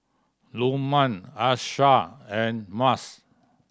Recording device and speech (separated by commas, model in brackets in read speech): standing microphone (AKG C214), read sentence